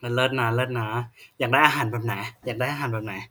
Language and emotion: Thai, neutral